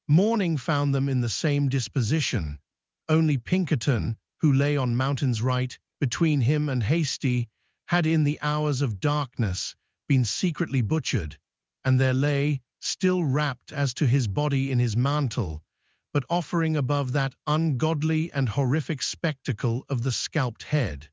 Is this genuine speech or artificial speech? artificial